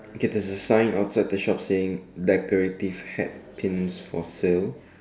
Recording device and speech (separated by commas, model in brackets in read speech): standing microphone, conversation in separate rooms